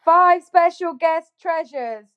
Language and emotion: English, happy